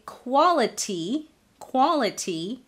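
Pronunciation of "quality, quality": In 'quality', the T is said as a true T, not as a flap.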